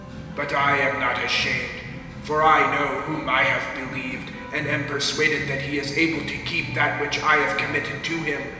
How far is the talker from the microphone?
1.7 m.